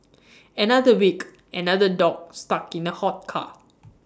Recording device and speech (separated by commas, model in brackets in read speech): standing microphone (AKG C214), read sentence